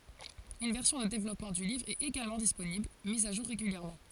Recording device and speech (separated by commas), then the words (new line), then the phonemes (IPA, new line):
forehead accelerometer, read sentence
Une version de développement du livre est également disponible, mise à jour régulièrement.
yn vɛʁsjɔ̃ də devlɔpmɑ̃ dy livʁ ɛt eɡalmɑ̃ disponibl miz a ʒuʁ ʁeɡyljɛʁmɑ̃